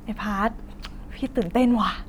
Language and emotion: Thai, happy